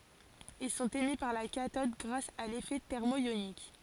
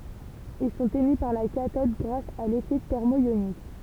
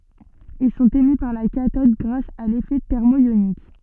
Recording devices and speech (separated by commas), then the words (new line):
forehead accelerometer, temple vibration pickup, soft in-ear microphone, read sentence
Ils sont émis par la cathode grâce à l'effet thermoïonique.